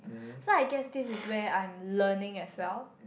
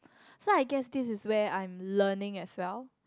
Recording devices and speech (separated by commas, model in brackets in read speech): boundary microphone, close-talking microphone, conversation in the same room